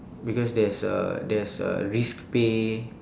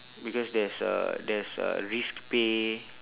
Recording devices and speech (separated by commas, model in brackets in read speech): standing microphone, telephone, conversation in separate rooms